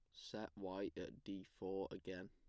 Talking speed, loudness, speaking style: 175 wpm, -49 LUFS, plain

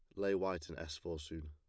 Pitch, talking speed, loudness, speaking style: 80 Hz, 280 wpm, -41 LUFS, plain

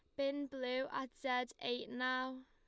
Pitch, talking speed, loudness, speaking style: 255 Hz, 160 wpm, -40 LUFS, Lombard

